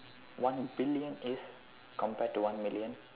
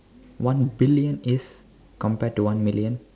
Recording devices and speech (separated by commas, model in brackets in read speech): telephone, standing microphone, conversation in separate rooms